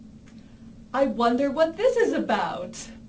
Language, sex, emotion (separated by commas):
English, female, happy